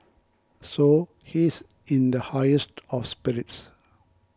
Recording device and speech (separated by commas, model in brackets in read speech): close-talking microphone (WH20), read sentence